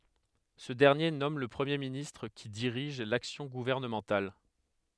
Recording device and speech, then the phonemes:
headset microphone, read sentence
sə dɛʁnje nɔm lə pʁəmje ministʁ ki diʁiʒ laksjɔ̃ ɡuvɛʁnəmɑ̃tal

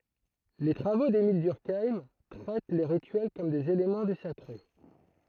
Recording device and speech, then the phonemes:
throat microphone, read sentence
le tʁavo demil dyʁkajm tʁɛt le ʁityɛl kɔm dez elemɑ̃ dy sakʁe

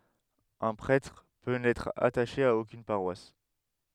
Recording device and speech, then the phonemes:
headset microphone, read sentence
œ̃ pʁɛtʁ pø nɛtʁ ataʃe a okyn paʁwas

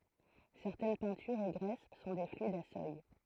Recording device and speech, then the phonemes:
throat microphone, read sentence
sɛʁtɛn pɛ̃tyʁz e ɡʁɛs sɔ̃ de flyidz a sœj

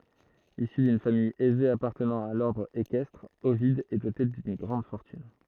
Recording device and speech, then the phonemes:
throat microphone, read sentence
isy dyn famij ɛze apaʁtənɑ̃ a lɔʁdʁ ekɛstʁ ovid ɛ dote dyn ɡʁɑ̃d fɔʁtyn

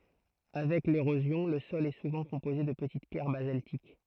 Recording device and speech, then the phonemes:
throat microphone, read sentence
avɛk leʁozjɔ̃ lə sɔl ɛ suvɑ̃ kɔ̃poze də pətit pjɛʁ bazaltik

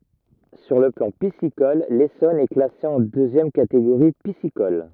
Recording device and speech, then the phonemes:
rigid in-ear microphone, read sentence
syʁ lə plɑ̃ pisikɔl lesɔn ɛ klase ɑ̃ døzjɛm kateɡoʁi pisikɔl

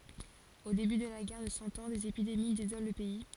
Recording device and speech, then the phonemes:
forehead accelerometer, read sentence
o deby də la ɡɛʁ də sɑ̃ ɑ̃ dez epidemi dezolɑ̃ lə pɛi

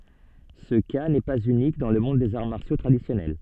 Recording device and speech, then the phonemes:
soft in-ear microphone, read sentence
sə ka nɛ paz ynik dɑ̃ lə mɔ̃d dez aʁ maʁsjo tʁadisjɔnɛl

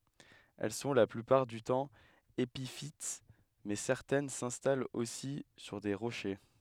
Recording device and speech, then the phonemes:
headset microphone, read sentence
ɛl sɔ̃ la plypaʁ dy tɑ̃ epifit mɛ sɛʁtɛn sɛ̃stalt osi syʁ de ʁoʃe

